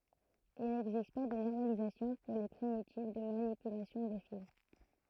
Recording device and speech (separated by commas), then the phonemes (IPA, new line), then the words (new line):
throat microphone, read sentence
il nɛɡzist pa də nɔʁmalizasjɔ̃ puʁ le pʁimitiv də manipylasjɔ̃ də fil
Il n'existe pas de normalisation pour les primitives de manipulation de file.